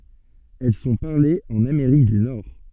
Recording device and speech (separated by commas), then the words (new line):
soft in-ear microphone, read sentence
Elles sont parlées en Amérique du Nord.